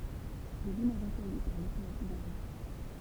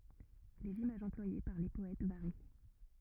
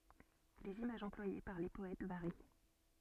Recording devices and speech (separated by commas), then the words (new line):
temple vibration pickup, rigid in-ear microphone, soft in-ear microphone, read sentence
Les images employées par les poètes varient.